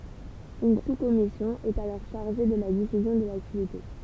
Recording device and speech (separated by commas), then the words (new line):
temple vibration pickup, read sentence
Une sous-commission est alors chargée de la diffusion de l'activité.